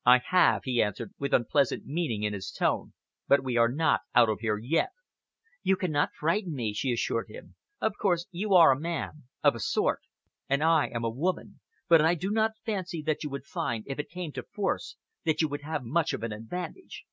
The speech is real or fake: real